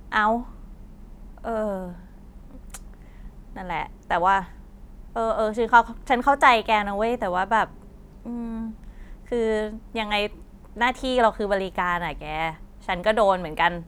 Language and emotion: Thai, frustrated